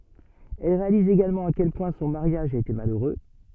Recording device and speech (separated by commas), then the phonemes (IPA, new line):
soft in-ear microphone, read sentence
ɛl ʁealiz eɡalmɑ̃ a kɛl pwɛ̃ sɔ̃ maʁjaʒ a ete maløʁø